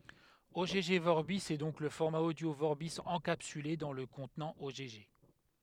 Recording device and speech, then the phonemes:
headset microphone, read sentence
ɔɡ vɔʁbi ɛ dɔ̃k lə fɔʁma odjo vɔʁbi ɑ̃kapsyle dɑ̃ lə kɔ̃tnɑ̃ ɔɡ

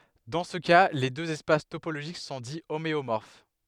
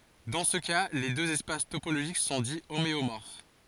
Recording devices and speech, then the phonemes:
headset microphone, forehead accelerometer, read sentence
dɑ̃ sə ka le døz ɛspas topoloʒik sɔ̃ di omeomɔʁf

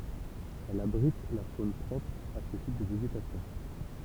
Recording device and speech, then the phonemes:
temple vibration pickup, read sentence
ɛl abʁit la fon pʁɔpʁ a sə tip də veʒetasjɔ̃

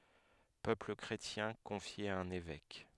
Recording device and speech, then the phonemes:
headset microphone, read sentence
pøpl kʁetjɛ̃ kɔ̃fje a œ̃n evɛk

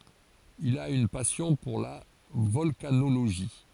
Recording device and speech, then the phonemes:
forehead accelerometer, read sentence
il a yn pasjɔ̃ puʁ la vɔlkanoloʒi

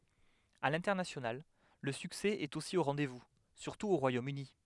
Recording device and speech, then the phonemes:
headset microphone, read sentence
a lɛ̃tɛʁnasjonal lə syksɛ ɛt osi o ʁɑ̃dɛzvu syʁtu o ʁwajomøni

